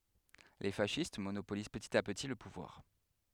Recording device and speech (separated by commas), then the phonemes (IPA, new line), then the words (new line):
headset microphone, read sentence
le fasist monopoliz pətit a pəti lə puvwaʁ
Les fascistes monopolisent petit à petit le pouvoir.